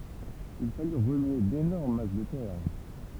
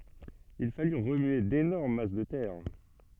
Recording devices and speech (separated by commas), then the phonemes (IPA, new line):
temple vibration pickup, soft in-ear microphone, read sentence
il faly ʁəmye denɔʁm mas də tɛʁ